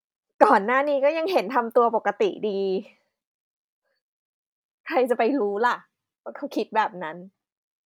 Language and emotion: Thai, frustrated